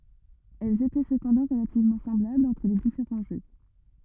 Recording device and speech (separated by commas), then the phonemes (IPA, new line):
rigid in-ear microphone, read sentence
ɛlz etɛ səpɑ̃dɑ̃ ʁəlativmɑ̃ sɑ̃blablz ɑ̃tʁ le difeʁɑ̃ ʒø